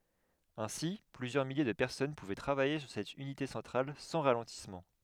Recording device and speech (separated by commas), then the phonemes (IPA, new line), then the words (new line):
headset microphone, read sentence
ɛ̃si plyzjœʁ milje də pɛʁsɔn puvɛ tʁavaje syʁ sɛt ynite sɑ̃tʁal sɑ̃ ʁalɑ̃tismɑ̃
Ainsi, plusieurs milliers de personnes pouvaient travailler sur cette unité centrale sans ralentissement.